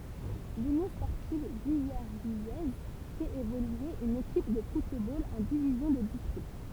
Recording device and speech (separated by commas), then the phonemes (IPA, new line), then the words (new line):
temple vibration pickup, read sentence
lynjɔ̃ spɔʁtiv vilɛʁvijɛz fɛt evolye yn ekip də futbol ɑ̃ divizjɔ̃ də distʁikt
L'Union sportive villervillaise fait évoluer une équipe de football en division de district.